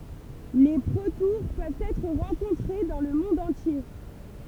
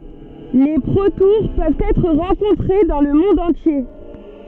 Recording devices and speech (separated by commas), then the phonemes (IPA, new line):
temple vibration pickup, soft in-ear microphone, read sentence
le pʁotuʁ pøvt ɛtʁ ʁɑ̃kɔ̃tʁe dɑ̃ lə mɔ̃d ɑ̃tje